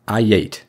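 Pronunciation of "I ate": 'I ate' is said with the intrusive pronunciation.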